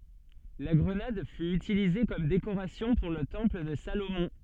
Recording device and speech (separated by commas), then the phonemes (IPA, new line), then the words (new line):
soft in-ear microphone, read sentence
la ɡʁənad fy ytilize kɔm dekoʁasjɔ̃ puʁ lə tɑ̃pl də salomɔ̃
La grenade fut utilisée comme décoration pour le temple de Salomon.